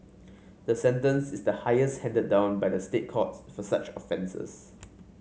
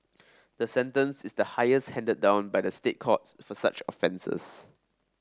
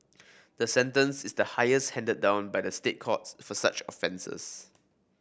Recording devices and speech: mobile phone (Samsung C5), standing microphone (AKG C214), boundary microphone (BM630), read sentence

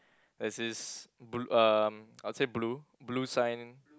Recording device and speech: close-talking microphone, conversation in the same room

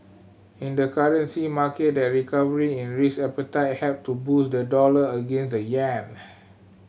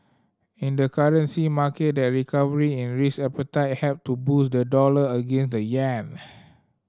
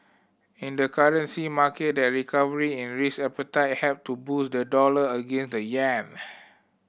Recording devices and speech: mobile phone (Samsung C7100), standing microphone (AKG C214), boundary microphone (BM630), read sentence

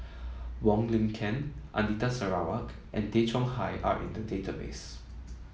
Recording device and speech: mobile phone (iPhone 7), read sentence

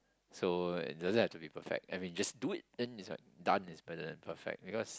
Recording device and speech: close-talking microphone, conversation in the same room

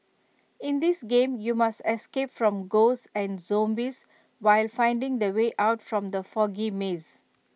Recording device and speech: mobile phone (iPhone 6), read sentence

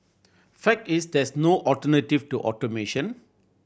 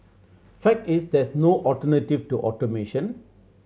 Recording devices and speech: boundary microphone (BM630), mobile phone (Samsung C7100), read sentence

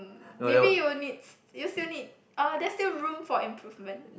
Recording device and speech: boundary microphone, conversation in the same room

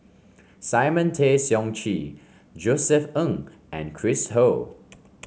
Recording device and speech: mobile phone (Samsung C5), read sentence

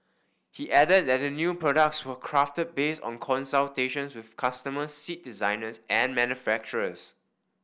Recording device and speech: boundary microphone (BM630), read sentence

